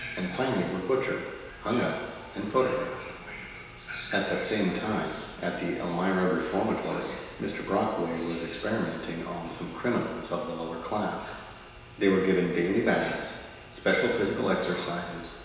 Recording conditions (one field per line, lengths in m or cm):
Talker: one person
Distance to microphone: 1.7 m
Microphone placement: close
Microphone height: 1.0 m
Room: very reverberant, large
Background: television